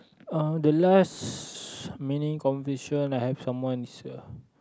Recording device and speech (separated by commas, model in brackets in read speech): close-talking microphone, conversation in the same room